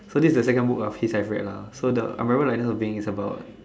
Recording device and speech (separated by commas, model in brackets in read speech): standing microphone, conversation in separate rooms